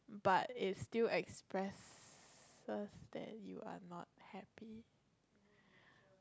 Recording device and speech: close-talking microphone, conversation in the same room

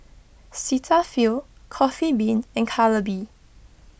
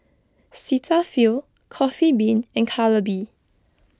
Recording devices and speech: boundary microphone (BM630), close-talking microphone (WH20), read sentence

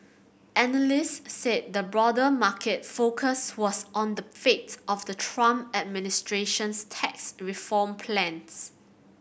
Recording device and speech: boundary microphone (BM630), read sentence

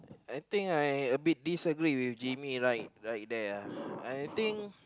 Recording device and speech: close-talking microphone, conversation in the same room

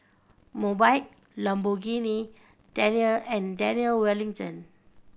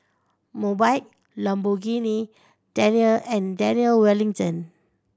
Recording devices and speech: boundary microphone (BM630), standing microphone (AKG C214), read sentence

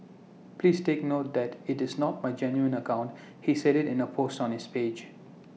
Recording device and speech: mobile phone (iPhone 6), read sentence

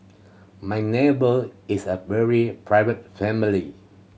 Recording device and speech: mobile phone (Samsung C7100), read sentence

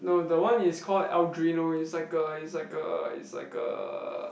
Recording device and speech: boundary microphone, conversation in the same room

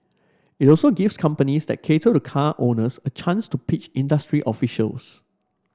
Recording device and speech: standing microphone (AKG C214), read sentence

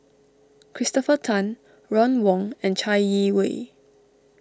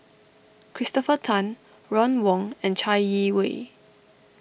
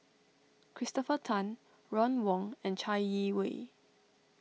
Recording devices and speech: standing microphone (AKG C214), boundary microphone (BM630), mobile phone (iPhone 6), read sentence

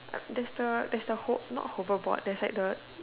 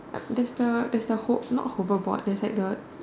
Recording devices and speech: telephone, standing microphone, conversation in separate rooms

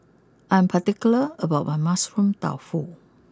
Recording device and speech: close-talking microphone (WH20), read sentence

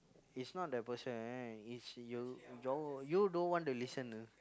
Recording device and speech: close-talking microphone, conversation in the same room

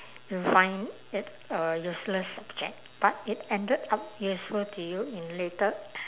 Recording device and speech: telephone, conversation in separate rooms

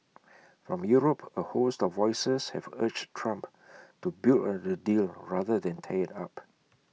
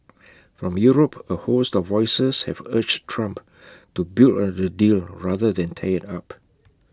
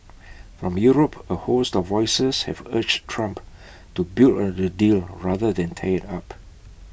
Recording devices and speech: mobile phone (iPhone 6), close-talking microphone (WH20), boundary microphone (BM630), read sentence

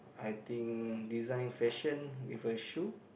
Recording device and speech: boundary microphone, conversation in the same room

